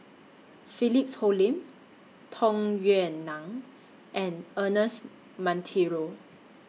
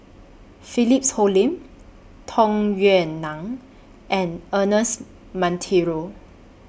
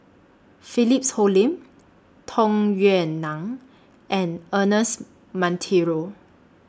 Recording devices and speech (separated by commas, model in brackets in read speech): mobile phone (iPhone 6), boundary microphone (BM630), standing microphone (AKG C214), read sentence